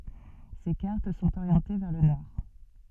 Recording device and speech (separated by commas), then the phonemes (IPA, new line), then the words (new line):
soft in-ear microphone, read sentence
se kaʁt sɔ̃t oʁjɑ̃te vɛʁ lə nɔʁ
Ses cartes sont orientées vers le nord.